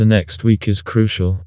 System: TTS, vocoder